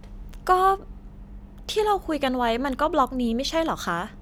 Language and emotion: Thai, neutral